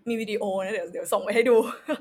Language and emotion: Thai, happy